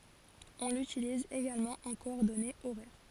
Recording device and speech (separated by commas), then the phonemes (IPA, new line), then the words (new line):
forehead accelerometer, read sentence
ɔ̃ lytiliz eɡalmɑ̃ ɑ̃ kɔɔʁdɔnez oʁɛʁ
On l’utilise également en coordonnées horaires.